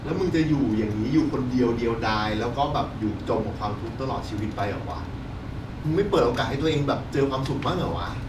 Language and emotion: Thai, frustrated